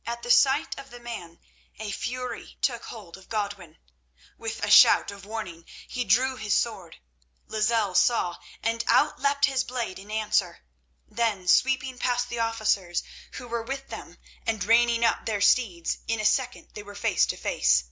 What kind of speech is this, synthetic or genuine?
genuine